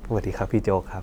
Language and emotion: Thai, neutral